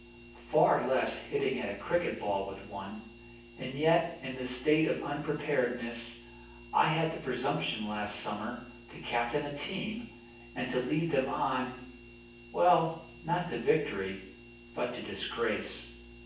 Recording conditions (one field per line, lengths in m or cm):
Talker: one person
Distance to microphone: 9.8 m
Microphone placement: far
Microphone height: 1.8 m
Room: large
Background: none